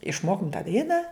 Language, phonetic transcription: Lithuanian, išˈmokum tą ˈdainą

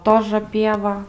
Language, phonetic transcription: Lithuanian, ˈtožə ˈpieva

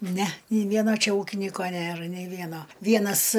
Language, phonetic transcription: Lithuanian, ne nei ˈvieno ˈčia ˈūkinyko ˈnėr nei ˈvieno ˈvienas

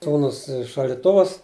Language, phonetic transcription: Lithuanian, ˈsūnus i šaldiˈtuvus

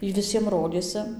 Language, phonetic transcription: Lithuanian, ˈy viˈsiem ˈrodėsi

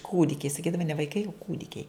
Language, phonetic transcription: Lithuanian, ˈkūdikiai saˈkydava ne vaiˈkai o ˈkūdikiai

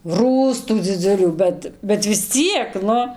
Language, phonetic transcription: Lithuanian, ˈrųstų dziˈdzulių ˈbet bet vis ˈciek ˈnu

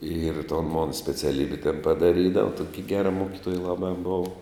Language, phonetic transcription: Lithuanian, ir ton mon speciaˈlybi ten padaˈrydava ˈtoki ˈgera ˈmokitoja ˈlabā ˈbova

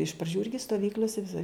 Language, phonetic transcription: Lithuanian, iš praˈdžių ˈirgi stoˈvykl'ose viˈsai

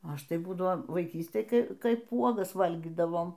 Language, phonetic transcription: Lithuanian, ˈaš tai ˈbūdavo vaiˈkystėj ˈkai ˈkaip ˈuogas ˈvalgydavom

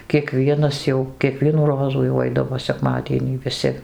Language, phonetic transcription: Lithuanian, kieˈkvienas jau kieˈkvienų ˈrozų jau ˈaidavo seˈkmadienį viˈsi

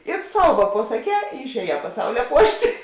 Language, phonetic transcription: Lithuanian, ir ˈsau va pasaˈkē ir išēˈjē paˈsaulia ˈpuošt'

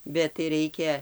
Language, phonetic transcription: Lithuanian, bet tai ˈraikia

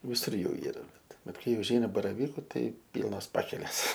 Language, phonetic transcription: Lithuanian, viˈsur ˈjų ˈyra ˈbet ˈbet ˈkai užˈeina baraˈvyku ˈtai ˈpylnos ˈpakelės

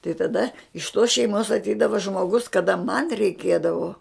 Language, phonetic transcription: Lithuanian, tai taˈda iš tos šeiˈmos atˈeidava žmoˈgus kaˈda man reiˈkėdavo

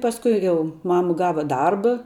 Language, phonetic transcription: Lithuanian, pasˈkui ˈjau ˈmama ˈgava ˈdarba

